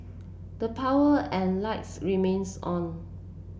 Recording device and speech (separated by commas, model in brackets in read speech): boundary microphone (BM630), read sentence